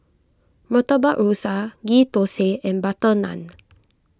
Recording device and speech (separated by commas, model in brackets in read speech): close-talking microphone (WH20), read sentence